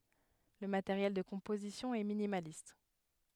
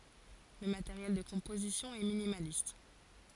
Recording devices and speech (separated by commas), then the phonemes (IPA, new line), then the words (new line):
headset microphone, forehead accelerometer, read sentence
lə mateʁjɛl də kɔ̃pozisjɔ̃ ɛ minimalist
Le matériel de composition est minimaliste.